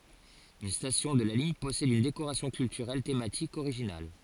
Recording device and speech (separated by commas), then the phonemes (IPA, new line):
forehead accelerometer, read sentence
yn stasjɔ̃ də la liɲ pɔsɛd yn dekoʁasjɔ̃ kyltyʁɛl tematik oʁiʒinal